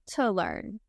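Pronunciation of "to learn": In 'to learn', the word 'to' is said with the schwa sound.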